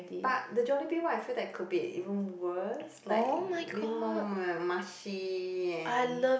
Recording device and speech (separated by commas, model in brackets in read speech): boundary microphone, conversation in the same room